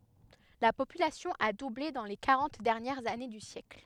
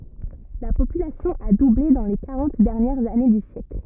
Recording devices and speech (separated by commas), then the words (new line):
headset microphone, rigid in-ear microphone, read sentence
La population a doublé dans les quarante dernières années du siècle.